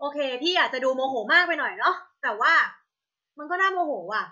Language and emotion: Thai, angry